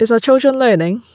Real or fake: real